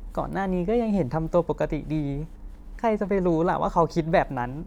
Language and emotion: Thai, sad